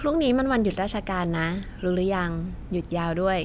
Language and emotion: Thai, neutral